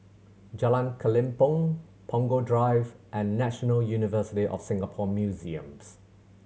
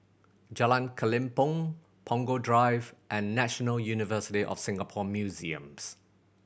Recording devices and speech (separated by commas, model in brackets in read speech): mobile phone (Samsung C7100), boundary microphone (BM630), read sentence